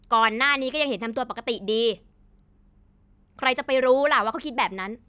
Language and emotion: Thai, angry